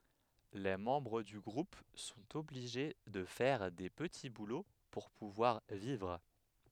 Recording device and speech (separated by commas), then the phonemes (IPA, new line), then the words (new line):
headset microphone, read sentence
le mɑ̃bʁ dy ɡʁup sɔ̃t ɔbliʒe də fɛʁ de pəti bulo puʁ puvwaʁ vivʁ
Les membres du groupe sont obligés de faire des petits boulots pour pouvoir vivre.